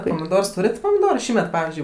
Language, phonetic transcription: Lithuanian, pomiˈdors ˈtūret' pomiˈdoru ˈšįmet ˈpavizdžiui

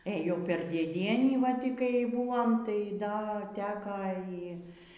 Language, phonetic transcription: Lithuanian, ˈėjom ˈper dėˈdienį va ˈty kai ˈbuom tai ˈda ˈteka ˈy

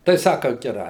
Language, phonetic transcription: Lithuanian, tai ˈsaka geˈrai

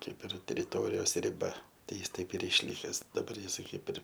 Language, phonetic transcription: Lithuanian, ˈkaip ir teriˈtorijos riˈba ˈtai ˈjis ˈtaip ir išˈlikes daˈbar ˈjisai ˈkaip ir

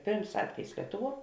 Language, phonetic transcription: Lithuanian, ˈpėrms ˈatvejis ˈlietuˌvuo

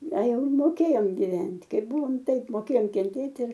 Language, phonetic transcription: Lithuanian, a ˈjau moˈkėjom giˈvent' ˈkaip ˈbuvom ˈtaip moˈkėjom kenˈtėt' ir

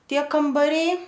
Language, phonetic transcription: Lithuanian, ˈtie kambaˈriai

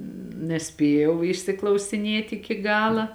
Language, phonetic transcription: Lithuanian, neˈspėjau išsiklausiˈnėt' iki ˈgala

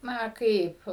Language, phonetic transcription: Lithuanian, ˈna ˈkaip

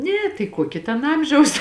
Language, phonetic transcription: Lithuanian, ˈne tai ˈkuoki ten ˈamžiaus

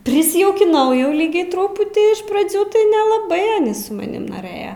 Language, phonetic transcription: Lithuanian, prisijaukiˈnau jau ˈlygiai ˈtruputį iš praˈdzių tai nelaˈbai su maˈnim noˈrɘja

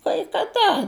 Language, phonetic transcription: Lithuanian, kai kaˈda

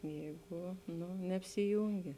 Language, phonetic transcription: Lithuanian, ˈjeigu ˈnu neapsiˈjūngi

